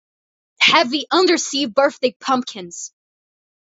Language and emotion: English, disgusted